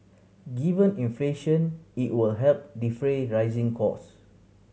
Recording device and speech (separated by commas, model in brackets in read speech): mobile phone (Samsung C7100), read sentence